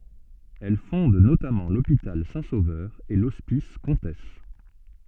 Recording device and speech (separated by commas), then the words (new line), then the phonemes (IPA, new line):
soft in-ear microphone, read sentence
Elle fonde notamment l'hôpital Saint-Sauveur et l'hospice Comtesse.
ɛl fɔ̃d notamɑ̃ lopital sɛ̃ sovœʁ e lɔspis kɔ̃tɛs